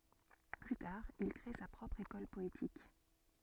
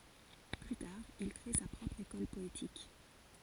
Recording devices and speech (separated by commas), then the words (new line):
soft in-ear microphone, forehead accelerometer, read sentence
Plus tard, il crée sa propre école poétique.